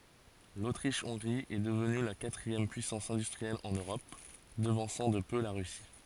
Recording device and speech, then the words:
forehead accelerometer, read sentence
L'Autriche-Hongrie est devenue la quatrième puissance industrielle en Europe, devançant de peu la Russie.

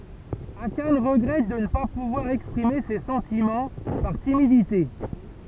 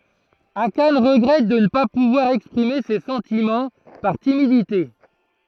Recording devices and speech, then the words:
temple vibration pickup, throat microphone, read sentence
Akane regrette de ne pas pouvoir exprimer ses sentiments, par timidité.

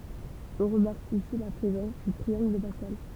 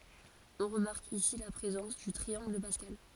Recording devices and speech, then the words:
temple vibration pickup, forehead accelerometer, read sentence
On remarque ici la présence du triangle de Pascal.

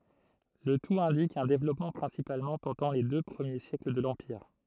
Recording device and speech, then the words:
throat microphone, read sentence
Le tout indique un développement principalement pendant les deux premiers siècles de l'empire.

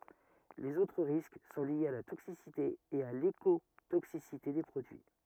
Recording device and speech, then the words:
rigid in-ear microphone, read sentence
Les autres risques sont liés à la toxicité et à l’écotoxicité des produits.

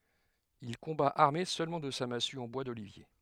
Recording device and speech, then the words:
headset microphone, read sentence
Il combat armé seulement de sa massue en bois d'olivier.

